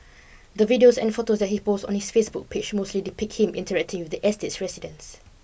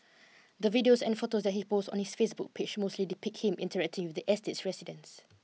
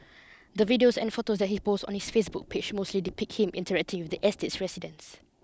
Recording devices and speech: boundary microphone (BM630), mobile phone (iPhone 6), close-talking microphone (WH20), read sentence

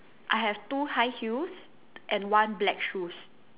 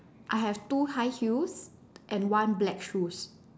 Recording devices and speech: telephone, standing microphone, conversation in separate rooms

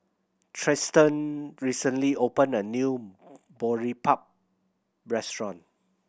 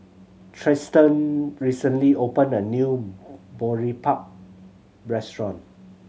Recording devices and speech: boundary microphone (BM630), mobile phone (Samsung C7100), read sentence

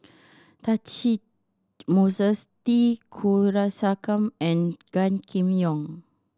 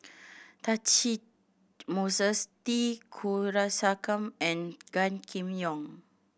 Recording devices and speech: standing microphone (AKG C214), boundary microphone (BM630), read sentence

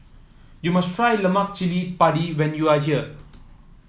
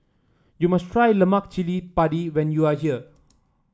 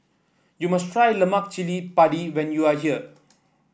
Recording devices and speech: mobile phone (iPhone 7), standing microphone (AKG C214), boundary microphone (BM630), read sentence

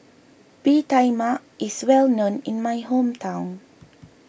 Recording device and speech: boundary microphone (BM630), read sentence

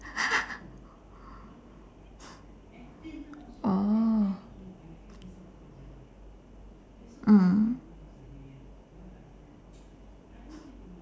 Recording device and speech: standing microphone, conversation in separate rooms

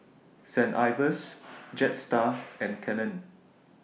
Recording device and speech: mobile phone (iPhone 6), read sentence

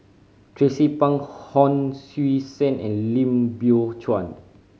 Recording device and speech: mobile phone (Samsung C5010), read sentence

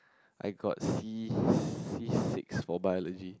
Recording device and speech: close-talking microphone, conversation in the same room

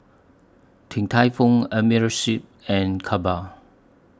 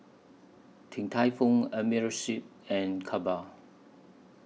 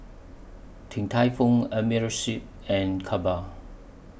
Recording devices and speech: standing microphone (AKG C214), mobile phone (iPhone 6), boundary microphone (BM630), read sentence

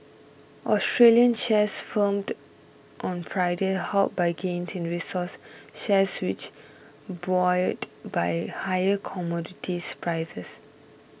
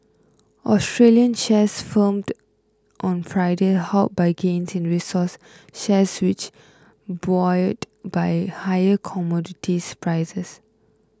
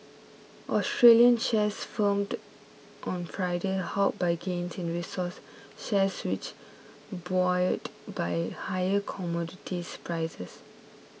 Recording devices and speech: boundary microphone (BM630), close-talking microphone (WH20), mobile phone (iPhone 6), read sentence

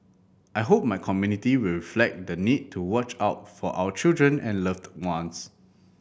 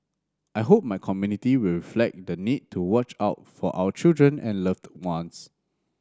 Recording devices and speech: boundary microphone (BM630), standing microphone (AKG C214), read sentence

